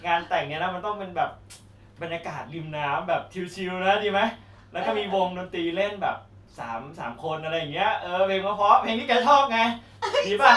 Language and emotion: Thai, happy